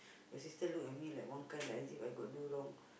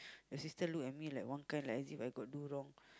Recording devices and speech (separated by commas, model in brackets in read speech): boundary microphone, close-talking microphone, conversation in the same room